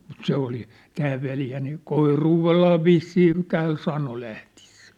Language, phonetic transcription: Finnish, mut 'se oli , 'tää veljä nii , "koiruuvellaa "vissiin 'tään 'sano lähtɪ₍ᴇssᴀ̈ᴀ̈ .
- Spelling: mutta se oli tämä veli niin koiruudella vissiin tämän sanoi lähtiessään

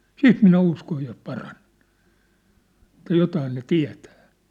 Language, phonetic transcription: Finnish, siit minä 'uskoj jos 'paraɴᴇɴ , että 'jotaan ne "tiä̭tᴀ̈ᴀ̈ . «
- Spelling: sitten minä uskon jos paranen että jotakin ne tietää

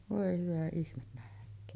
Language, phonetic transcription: Finnish, 'vòe hyvä ihmen nähk̀öön .
- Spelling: voi hyvä ihme nähköön

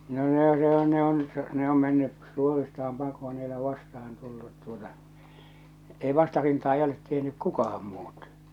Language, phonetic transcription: Finnish, no ne ‿o se ‿o ne ‿on , ne om menny , 'suoristaam 'pakoo n ‿ei ole 'vastahan tullut tuota , "ei 'vastarintaa 'ei 'olet 'tehnyk "kukaham 'muut .
- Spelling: no ne on se on ne on ne on mennyt suoristaan pakoon pakoon ei ole vastaan tullut tuota ei vastarintaa ei olet tehnyt kukaan muut

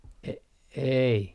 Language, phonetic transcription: Finnish, e - ei .
- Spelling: - ei

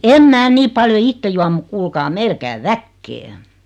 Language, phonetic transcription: Finnish, 'em "mää 'nii paljo "itte juam muk 'kuulkaa "meil käy "väkkee .
- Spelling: en minä niin paljon itse juo mutta kuulkaa meillä käy väkeä

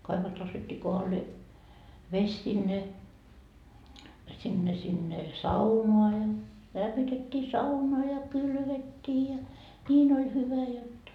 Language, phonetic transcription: Finnish, 'kaivost nostettii 'kohallee , 'ves sinne , sinne sinne , "saunoa ja , lämmitet́t́ii "sauna ja "kylvet́t́ii ja , 'ńiin ‿oĺ 'hyvä jotta .
- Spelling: kaivosta nostettiin kohdalleen vesi sinne sinne sinne saunaan ja lämmitettiin sauna ja kylvettiin ja niin oli hyvä jotta

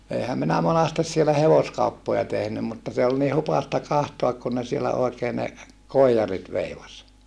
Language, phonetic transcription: Finnish, eihäm minä monastes sielä hevoskauppoja tehnym mutta se ol ni hupasta kahtoak kun ne sielä oekee ne , koijarit veivas .
- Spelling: eihän minä monasti siellä hevoskauppoja tehnyt mutta se oli niin hupaista katsoa kun ne siellä oikein ne koijarit veivasi

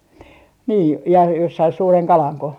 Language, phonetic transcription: Finnish, nii nii ja jos sai 'suureŋ "kalaŋko ?
- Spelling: niin niin ja jos sai suuren kalanko

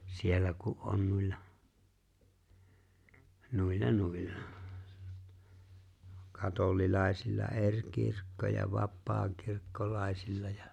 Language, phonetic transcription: Finnish, 'siellä ku’ '’on 'nuilla , 'nuil"la 'nuilla , 'katol̀ilàesilla "’eŕ 'kirkko ja 'vappaakirkkolàesilla ᴊᴀ .
- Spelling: siellä kun on noilla noilla noilla katolilaisilla eri kirkko ja vapaakirkkolaisilla ja

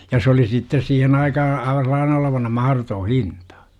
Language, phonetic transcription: Finnish, ja s ‿oli sittes 'siihen aikaha , 'aiva sel̆laane olo-vana 'maharotoo "hintA .
- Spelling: ja se oli sitten siihen aikaan aivan sellainen olevinaan mahdoton hinta

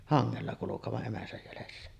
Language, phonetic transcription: Finnish, 'haŋŋella kulukeva’ ’emäsäj jälessä .
- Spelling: hangella kulkevan emänsä jäljessä

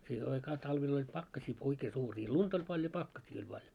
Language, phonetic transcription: Finnish, 'siihe aikaa 'taivel ‿oĺ "pakkasii 'oikee 'suurii , "luntᵃ ‿oĺ paljo "pakkasii oĺ paljo .
- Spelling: siihen aikaa talvella oli pakkasia oikein suuria lunta oli paljon pakkasia oli paljon

